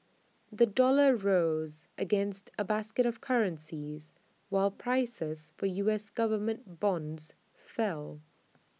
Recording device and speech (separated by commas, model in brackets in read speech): mobile phone (iPhone 6), read sentence